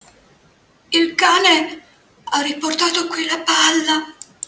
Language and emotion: Italian, fearful